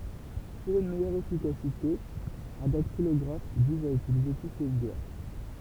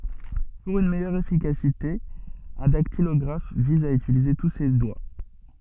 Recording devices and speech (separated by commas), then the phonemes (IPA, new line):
temple vibration pickup, soft in-ear microphone, read sentence
puʁ yn mɛjœʁ efikasite œ̃ daktilɔɡʁaf viz a ytilize tu se dwa